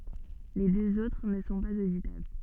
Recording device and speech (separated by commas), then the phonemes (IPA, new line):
soft in-ear microphone, read sentence
le døz otʁ nə sɔ̃ paz oditabl